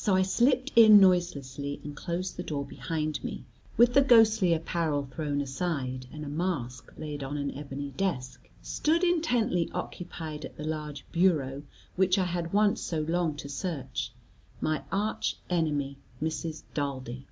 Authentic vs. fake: authentic